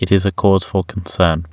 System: none